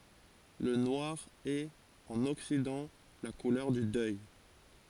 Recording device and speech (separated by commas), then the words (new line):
forehead accelerometer, read sentence
Le noir est, en Occident, la couleur du deuil.